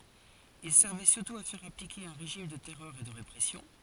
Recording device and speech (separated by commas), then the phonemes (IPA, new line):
forehead accelerometer, read sentence
il sɛʁvɛ syʁtu a fɛʁ aplike œ̃ ʁeʒim də tɛʁœʁ e də ʁepʁɛsjɔ̃